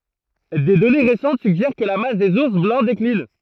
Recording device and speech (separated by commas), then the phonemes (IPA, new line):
throat microphone, read sentence
de dɔne ʁesɑ̃t syɡʒɛʁ kə la mas dez uʁs blɑ̃ deklin